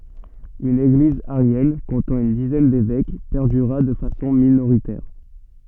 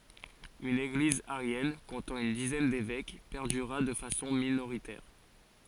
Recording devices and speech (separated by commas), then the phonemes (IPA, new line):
soft in-ear microphone, forehead accelerometer, read sentence
yn eɡliz aʁjɛn kɔ̃tɑ̃ yn dizɛn devɛk pɛʁdyʁa də fasɔ̃ minoʁitɛʁ